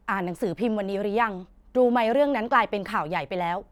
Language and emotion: Thai, frustrated